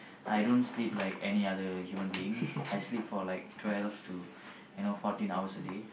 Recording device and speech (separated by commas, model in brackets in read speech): boundary microphone, conversation in the same room